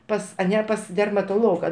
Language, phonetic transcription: Lithuanian, ˈpas aˈne pas dermatoˈloga

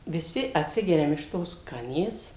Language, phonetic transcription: Lithuanian, viˈsi atˈsigeriam iš ˈtos ˈkanės

